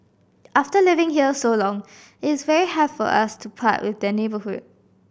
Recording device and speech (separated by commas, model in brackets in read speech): boundary microphone (BM630), read sentence